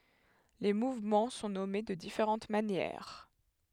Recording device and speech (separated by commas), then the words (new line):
headset microphone, read sentence
Les mouvements sont nommées de différentes manières.